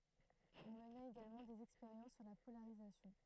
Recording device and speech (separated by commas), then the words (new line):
throat microphone, read sentence
On mena également des expériences sur la polarisation.